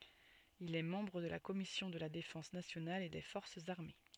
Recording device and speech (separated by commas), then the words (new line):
soft in-ear microphone, read sentence
Il est membre de la Commission de la défense nationale et des forces armées.